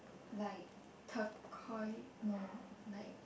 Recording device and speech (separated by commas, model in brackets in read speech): boundary microphone, conversation in the same room